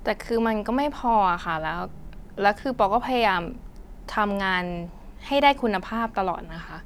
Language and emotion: Thai, frustrated